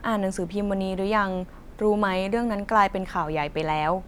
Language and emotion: Thai, neutral